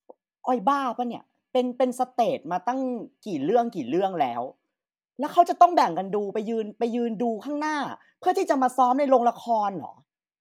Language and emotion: Thai, angry